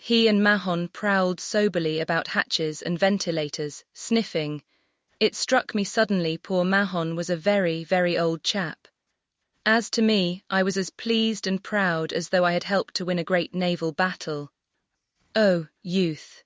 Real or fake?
fake